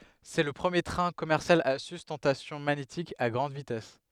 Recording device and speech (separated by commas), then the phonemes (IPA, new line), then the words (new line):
headset microphone, read sentence
sɛ lə pʁəmje tʁɛ̃ kɔmɛʁsjal a systɑ̃tasjɔ̃ maɲetik a ɡʁɑ̃d vitɛs
C’est le premier train commercial à sustentation magnétique à grande vitesse.